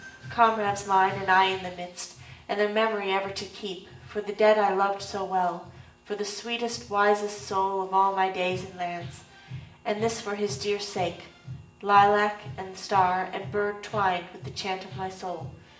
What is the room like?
A sizeable room.